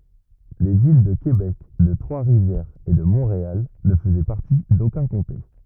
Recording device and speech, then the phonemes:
rigid in-ear microphone, read sentence
le vil də kebɛk də tʁwasʁivjɛʁz e də mɔ̃ʁeal nə fəzɛ paʁti dokœ̃ kɔ̃te

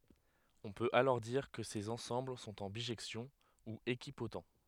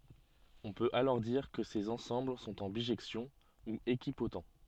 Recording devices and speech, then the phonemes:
headset microphone, soft in-ear microphone, read sentence
ɔ̃ pøt alɔʁ diʁ kə sez ɑ̃sɑ̃bl sɔ̃t ɑ̃ biʒɛksjɔ̃ u ekipot

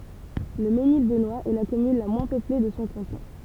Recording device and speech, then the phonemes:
temple vibration pickup, read sentence
lə menil bənwast ɛ la kɔmyn la mwɛ̃ pøple də sɔ̃ kɑ̃tɔ̃

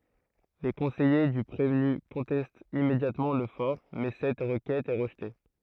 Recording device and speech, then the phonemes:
throat microphone, read sentence
le kɔ̃sɛje dy pʁevny kɔ̃tɛstt immedjatmɑ̃ lə fɔʁ mɛ sɛt ʁəkɛt ɛ ʁəʒte

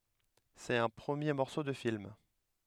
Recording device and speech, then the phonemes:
headset microphone, read sentence
sɛt œ̃ pʁəmje mɔʁso də film

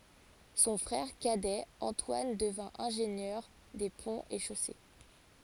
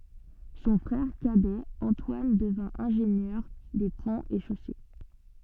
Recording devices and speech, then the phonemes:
forehead accelerometer, soft in-ear microphone, read sentence
sɔ̃ fʁɛʁ kadɛ ɑ̃twan dəvɛ̃ ɛ̃ʒenjœʁ de pɔ̃z e ʃose

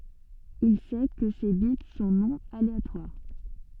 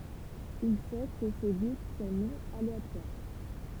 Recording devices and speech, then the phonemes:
soft in-ear microphone, temple vibration pickup, read sentence
il sɛ kə se bit sɔ̃ nɔ̃ aleatwaʁ

